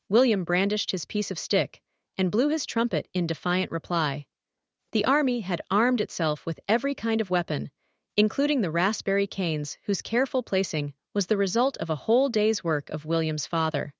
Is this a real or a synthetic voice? synthetic